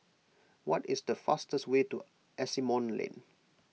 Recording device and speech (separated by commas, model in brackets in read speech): mobile phone (iPhone 6), read sentence